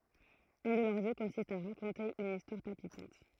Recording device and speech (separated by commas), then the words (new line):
throat microphone, read sentence
Un de leurs jeux consiste à raconter une histoire palpitante.